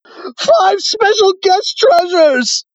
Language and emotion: English, sad